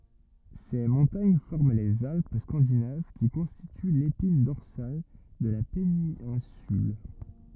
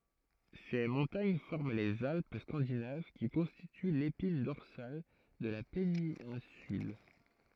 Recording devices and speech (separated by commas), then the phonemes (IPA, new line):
rigid in-ear microphone, throat microphone, read sentence
se mɔ̃taɲ fɔʁm lez alp skɑ̃dinav ki kɔ̃stity lepin dɔʁsal də la penɛ̃syl